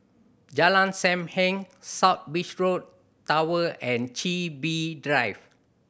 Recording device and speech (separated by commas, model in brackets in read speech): boundary microphone (BM630), read sentence